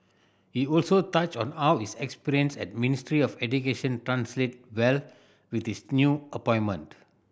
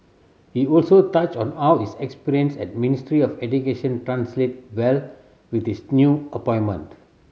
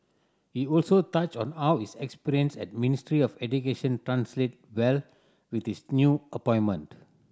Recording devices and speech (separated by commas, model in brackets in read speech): boundary microphone (BM630), mobile phone (Samsung C7100), standing microphone (AKG C214), read sentence